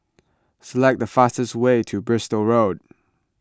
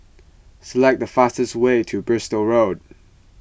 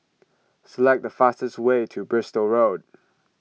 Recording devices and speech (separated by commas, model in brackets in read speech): close-talking microphone (WH20), boundary microphone (BM630), mobile phone (iPhone 6), read sentence